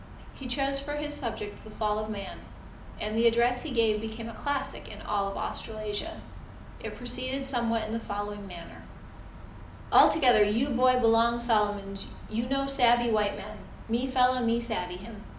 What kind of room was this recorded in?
A moderately sized room.